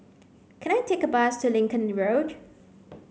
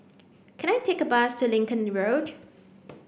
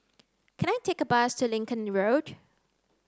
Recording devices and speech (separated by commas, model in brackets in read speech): mobile phone (Samsung C9), boundary microphone (BM630), close-talking microphone (WH30), read sentence